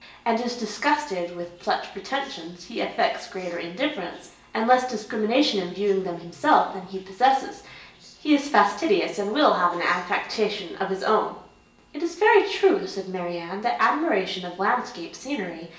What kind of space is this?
A large space.